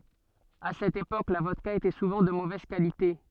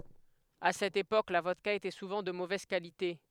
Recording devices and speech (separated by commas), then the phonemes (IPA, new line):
soft in-ear microphone, headset microphone, read sentence
a sɛt epok la vɔdka etɛ suvɑ̃ də movɛz kalite